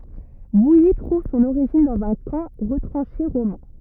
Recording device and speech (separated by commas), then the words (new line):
rigid in-ear microphone, read sentence
Vouilly trouve son origine dans un camp retranché romain.